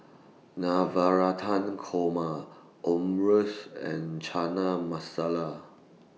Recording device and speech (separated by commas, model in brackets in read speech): mobile phone (iPhone 6), read sentence